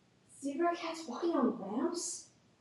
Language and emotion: English, fearful